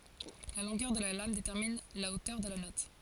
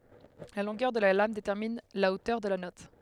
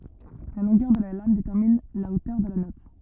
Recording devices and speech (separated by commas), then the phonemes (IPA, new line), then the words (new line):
forehead accelerometer, headset microphone, rigid in-ear microphone, read sentence
la lɔ̃ɡœʁ də la lam detɛʁmin la otœʁ də la nɔt
La longueur de la lame détermine la hauteur de la note.